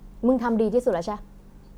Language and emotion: Thai, frustrated